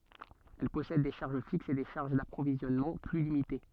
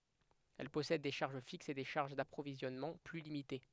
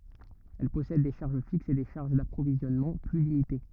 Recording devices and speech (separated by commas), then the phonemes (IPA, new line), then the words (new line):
soft in-ear microphone, headset microphone, rigid in-ear microphone, read sentence
ɛl pɔsɛd de ʃaʁʒ fiksz e de ʃaʁʒ dapʁovizjɔnmɑ̃ ply limite
Elle possède des charges fixes et des charges d’approvisionnement plus limitées.